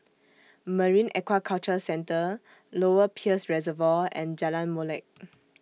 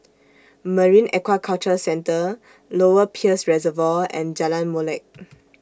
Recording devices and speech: mobile phone (iPhone 6), standing microphone (AKG C214), read sentence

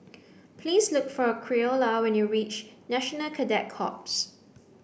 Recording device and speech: boundary microphone (BM630), read sentence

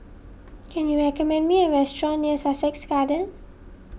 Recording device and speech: boundary microphone (BM630), read sentence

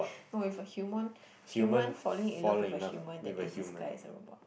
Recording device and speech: boundary microphone, conversation in the same room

